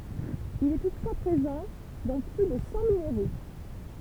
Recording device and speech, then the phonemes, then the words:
temple vibration pickup, read sentence
il ɛ tutfwa pʁezɑ̃ dɑ̃ ply də sɑ̃ mineʁo
Il est toutefois présent dans plus de cent minéraux.

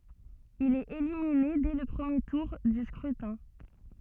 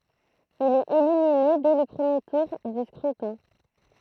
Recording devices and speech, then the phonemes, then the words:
soft in-ear microphone, throat microphone, read sentence
il ɛt elimine dɛ lə pʁəmje tuʁ dy skʁytɛ̃
Il est éliminé dès le premier tour du scrutin.

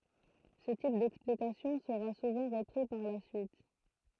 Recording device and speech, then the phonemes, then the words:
throat microphone, read sentence
sə tip dɛksplikasjɔ̃ səʁa suvɑ̃ ʁəpʁi paʁ la syit
Ce type d'explication sera souvent repris par la suite.

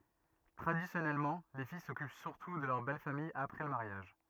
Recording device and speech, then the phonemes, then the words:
rigid in-ear microphone, read sentence
tʁadisjɔnɛlmɑ̃ le fij sɔkyp syʁtu də lœʁ bɛl famij apʁɛ lə maʁjaʒ
Traditionnellement, les filles s'occupent surtout de leur belle famille après le mariage.

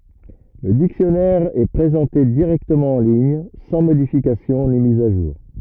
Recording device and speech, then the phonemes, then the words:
rigid in-ear microphone, read sentence
lə diksjɔnɛʁ ɛ pʁezɑ̃te diʁɛktəmɑ̃ ɑ̃ liɲ sɑ̃ modifikasjɔ̃ ni miz a ʒuʁ
Le dictionnaire est présenté directement en ligne, sans modification ni mise à jour.

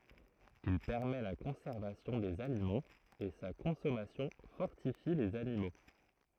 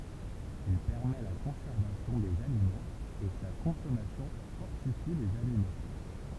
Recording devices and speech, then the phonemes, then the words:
throat microphone, temple vibration pickup, read sentence
il pɛʁmɛ la kɔ̃sɛʁvasjɔ̃ dez alimɑ̃z e sa kɔ̃sɔmasjɔ̃ fɔʁtifi lez animo
Il permet la conservation des aliments et sa consommation fortifie les animaux.

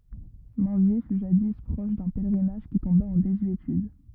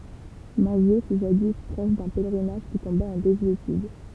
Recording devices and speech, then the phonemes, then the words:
rigid in-ear microphone, temple vibration pickup, read sentence
mɛ̃zje fy ʒadi pʁɔʃ dœ̃ pɛlʁinaʒ ki tɔ̃ba ɑ̃ dezyetyd
Minzier fut jadis proche d'un pèlerinage qui tomba en désuétude.

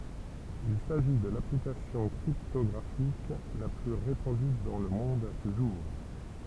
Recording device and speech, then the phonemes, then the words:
temple vibration pickup, read sentence
il saʒi də laplikasjɔ̃ kʁiptɔɡʁafik la ply ʁepɑ̃dy dɑ̃ lə mɔ̃d sə ʒuʁ
Il s'agit de l'application cryptographique la plus répandue dans le monde ce jour.

